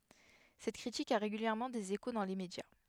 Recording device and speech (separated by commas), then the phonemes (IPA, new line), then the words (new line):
headset microphone, read sentence
sɛt kʁitik a ʁeɡyljɛʁmɑ̃ dez eko dɑ̃ le medja
Cette critique a régulièrement des échos dans les médias.